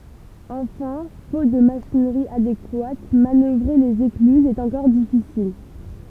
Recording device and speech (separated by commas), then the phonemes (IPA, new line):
temple vibration pickup, read sentence
ɑ̃fɛ̃ fot də maʃinʁi adekwat manœvʁe lez eklyzz ɛt ɑ̃kɔʁ difisil